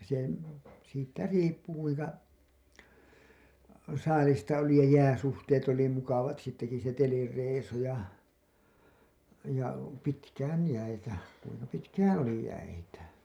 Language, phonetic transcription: Finnish, se , siittä "riippu kuiŋka , 'saalista oli ja 'jääsuhteet oli mukavat siittäki se 'telireisu ja , ja "pitkään§ 'jäitä , kuiŋka 'pitkään "oli 'jäitä .
- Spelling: se siitä riippui kuinka saalista oli ja jääsuhteet oli mukavat siitäkin se telireissu ja ja pitkään jäitä kuinka pitkään oli jäitä

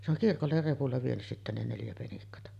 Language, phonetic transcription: Finnish, se ‿oŋ "kirkoller repulla vienys sittä 'ne neljä penikkata .
- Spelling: se on kirkolle repulla vienyt sitten ne neljä penikkaa

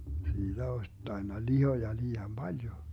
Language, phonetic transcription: Finnish, 'siiDä oś 'tainna "lihoja 'lii₍am "Baljo .
- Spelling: siitä olisi tainnut lihoa liian paljon

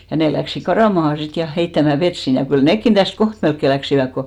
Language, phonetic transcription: Finnish, ja 'nè läksik 'karàmaha 'sit ja 'heittämä "vet sin , ja kyl "nekkin täst 'koht melkke 'läksiväk ko .
- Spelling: ja ne lähtivät karkaamaan sitten ja heittämään vettä sinne ja kyllä nekin tästä kohta melkein lähtivät kun

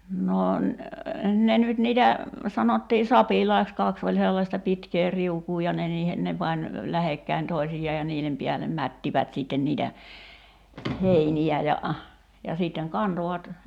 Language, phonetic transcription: Finnish, 'no n- , 'ne nyt niitä , 'sanottii "sapilaiks 'kaks ‿oĺ sellasta 'pitkee "riukuu ja 'ne niihe , 'ne pań , "lähekkäin 'toi̬sij̆jaa ja 'nii(n)em piälem "mättivät 'sitten niitä , "heini₍ä ja , ja sìtteŋ "kantovat ,.
- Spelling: no - ne nyt niitä sanottiin sapilaiksi kaksi oli sellaista pitkää riukua ja ne niihin ne pani lähekkäin toisiaan ja niiden päälle mättivät sitten niitä heiniä ja ja sitten kantoivat

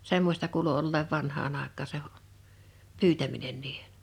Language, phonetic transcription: Finnish, 'semmośta kuulu olleev 'vanhaan ‿àek̆kaa se , "pyytäminen niihᴇ .
- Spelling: semmoista kuului olleen vanhaan aikaan se pyytäminen niiden

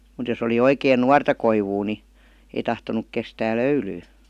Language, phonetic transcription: Finnish, mut jos ‿oli 'oikeen "nuarta 'koivuu ni , ei 'tahtonuk 'kestää "löylyy .
- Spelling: mutta jos oli oikein nuorta koivua niin ei tahtonut kestää löylyä

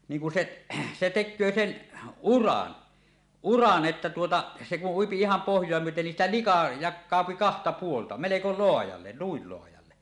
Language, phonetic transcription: Finnish, niiŋ kun 'seˀ , se tek̆köö sen , "uran , "uran 'ˀettä tuota , 'se kuˀ ˀuipi iham pohj̀oa myöten nin siitä "lika "jak̆kàopi 'kahta 'puolta , meleko 'loajalle , nuil loajalle .
- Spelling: niin kun se se tekee sen uran uran että tuota se kun ui ihan pohjaa myöten niin siitä lika jakautuu kahta puolta melko laajalle noin laajalle

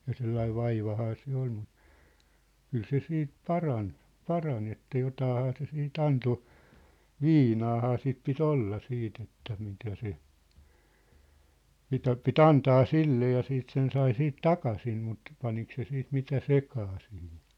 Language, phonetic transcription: Finnish, ja 'sellaiv̆ 'vaivahaa se 'ol mu , 'kyl 'se 'siit "paran , "paran ‿että 'jotaahaa se 'sii't ‿anto , "viinaahaa sit pi"t ‿olla 'siit ‿että 'mitä se , 'mitä 'pi"t ‿antaa "sille ja 'siit 'sen 'sai 'siit "takasim mut , 'panik se 'siit 'mitä "sekaa sihin .
- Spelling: ja sellainen vaivahan se oli mutta kyllä se siitä parani parani että jotainhan se sitten antoi viinaahan sitten piti olla sitten että mitä se mitä piti antaa sille ja sitten sen sai siitä takaisin mutta paniko se sitten mitä sekaan siihen

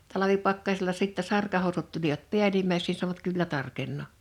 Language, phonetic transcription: Finnish, 'talavipakkasⁱla sittɛ 'sarkahòusut tulivat "piälimäis(eks n)i sanovat » 'kyllä 'tarkennò « .
- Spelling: talvipakkasilla sitten sarkahousut tulivat päällimmäiseksi niin sanoivat kyllä tarkenee

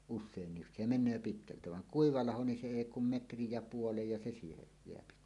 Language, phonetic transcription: Finnish, 'us̆seennis se 'men̆nöö 'pitkältä vaŋ "kuiva "laho ni 'se 'èi kum "metrij ja "puolej ja se siihej jeäpi .
- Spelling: usein se menee pitkältä vaan kuiva laho niin se ei kuin metrin ja puolen ja se siihen jää

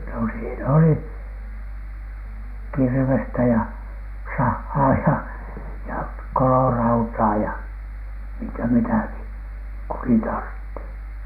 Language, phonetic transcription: Finnish, no siin ‿oli , "kirvestä ja "sahhaa ja , ja "kolorautaa ja , miŋkä mitäki , kukin tartti .
- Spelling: no siinä oli kirvestä ja sahaa ja ja kolorautaa ja minkä mitäkin kukin tarvitsi

